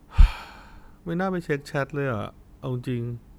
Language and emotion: Thai, sad